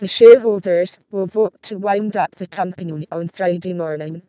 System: VC, vocoder